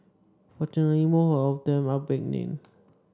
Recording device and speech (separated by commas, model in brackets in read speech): standing microphone (AKG C214), read sentence